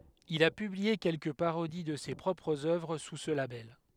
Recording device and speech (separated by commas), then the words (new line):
headset microphone, read sentence
Il a publié quelques parodies de ses propres œuvres sous ce label.